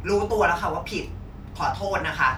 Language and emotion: Thai, frustrated